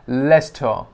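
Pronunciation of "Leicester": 'Leicester' is pronounced correctly here, with the stress on the first syllable, 'le'.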